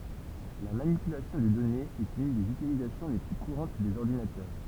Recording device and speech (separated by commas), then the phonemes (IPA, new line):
temple vibration pickup, read sentence
la manipylasjɔ̃ də dɔnez ɛt yn dez ytilizasjɔ̃ le ply kuʁɑ̃t dez ɔʁdinatœʁ